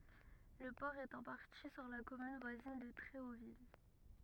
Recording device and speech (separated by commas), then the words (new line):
rigid in-ear microphone, read sentence
Le port est en partie sur la commune voisine de Tréauville.